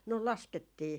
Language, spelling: Finnish, no laskettiin
- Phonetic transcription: no "laskettii .

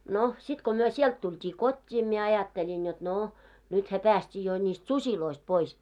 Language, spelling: Finnish, no sitten kun me sieltä tultiin kotiin minä ajattelin jotta no nythän päästiin jo niistä susista pois
- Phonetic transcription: no , 'sit ko myö "siɛlt 'tuit́ii "kot́t́ii mie 'ajatteĺin jot 'nò , nythä 'pääst́ii jo ńist "susiloist 'pois .

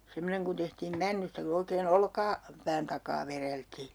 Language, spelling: Finnish, semmoinen kun tehtiin männystä kun oikein - olkapään takaa vedeltiin
- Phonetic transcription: 'semmoneŋ kun tehtiim 'männystä ku oikee"n ‿olka- , '-pään takaa 'vereltii .

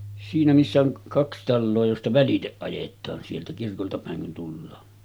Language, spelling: Finnish, siinä missä on kaksi taloa josta välitse ajetaan sieltä kirkolta päin kun tullaan
- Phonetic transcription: siinä missä oŋ 'kaks 'talloo josta "väliteˀ ˀajet̆taan sieltä 'kirkolta pä̀eŋ kun tullaa .

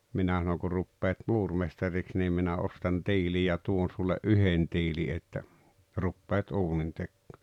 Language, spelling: Finnish, minä sanoin kun rupeat muurimestariksi niin minä ostan tiili ja tuon sulle yhden tiilen että rupeat uunintekoon
- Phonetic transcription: 'minä sanoŋ » ku 'ruppeet "muurmestariks 'niim minä 'ostan "tiili ja 'tuon sulle "’yhen 'tiili että , 'ruppeet 'uunintekkᴏᴏ « .

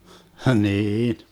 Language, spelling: Finnish, niin
- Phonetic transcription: 'hniin .

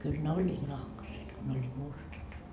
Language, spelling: Finnish, kyllä ne olivat nahkaiset kun ne olivat mustat
- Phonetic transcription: kyl ne "oĺĺiit 'nahkaset , ko ne oĺĺiit 'mustat .

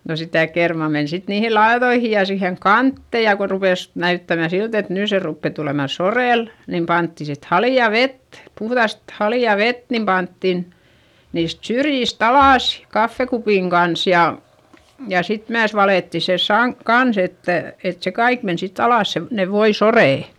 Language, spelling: Finnish, no sitä kermaa meni sitten niihin laitoihin ja siihen kanteen ja kun rupesi näyttämään siltä että nyt se rupeaa tulemaan soreelle niin pantiin sitten haleaa vettä puhdasta haleaa vettä niin pantiin niistä syrjistä alas kahvikupin kanssa ja ja sitten myös valettiin se - kanssa että että se kaikki meni sitten alas se ne voisoreet
- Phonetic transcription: no sitä kermà men sit niihi laeδoihi ja siheŋ kantte ja ko rupès , näyttämä silt ‿et nỳ se ruppe tulèma sorèl , nim pantti sit hali₍a vet , puhδast hali₍à vet nim panttin , niist syrjist ‿alàs , kaffekupìŋ Gans ja , ja sit myäs valètti se saŋk- , kans ‿että , et se kaik men sitt ‿alàs se , ne voisorè .

